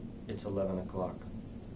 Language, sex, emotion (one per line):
English
male
neutral